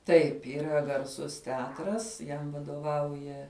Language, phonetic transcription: Lithuanian, ˈtaip yˈra garˈsus teˈatras ˈjam vadoˈvauja

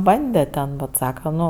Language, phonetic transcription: Lithuanian, ˈbande ten bet ˈsaka ˈnu

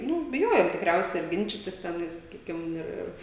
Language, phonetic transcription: Lithuanian, ˈnu biˈjojom tikˈriausia ar ˈginčitis teˈnais saˈkykim ˈir ˈir

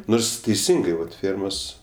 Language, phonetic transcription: Lithuanian, ˈnors teiˈsingai vat ˈfėrmos

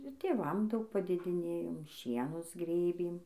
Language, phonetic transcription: Lithuanian, ir tėˈvam ˈdaug padėdiˈnėjom ˈšienus ˈgrėbėm

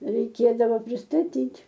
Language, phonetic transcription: Lithuanian, reiˈkėdavo pristaˈtyt'

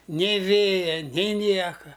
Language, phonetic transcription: Lithuanian, ˈnė ˈvėja ni ˈnieka

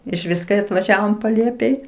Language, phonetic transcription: Lithuanian, išˈvis kai atvaˈžiavom paˈlėpėj

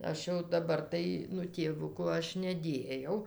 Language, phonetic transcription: Lithuanian, ˈaš jau daˈbar tai ˈnu tėˈvuku ˈaš neˈdėjau

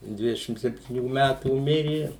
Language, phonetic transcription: Lithuanian, ˈdvidešim septyˈnių ˈmætų ˈmiri

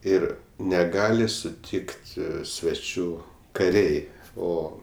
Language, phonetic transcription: Lithuanian, ˈir neˈgali suˈtikt sveˈčių kaˈriai ˈo

